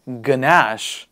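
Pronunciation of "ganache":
This is the incorrect way to say the word: a g sound is heard before 'nash'. The correct form is just 'nash', with no g sound.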